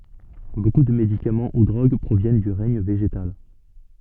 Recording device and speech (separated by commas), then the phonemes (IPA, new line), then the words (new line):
soft in-ear microphone, read sentence
boku də medikamɑ̃ u dʁoɡ pʁovjɛn dy ʁɛɲ veʒetal
Beaucoup de médicaments ou drogues proviennent du règne végétal.